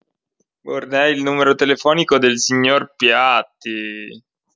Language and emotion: Italian, disgusted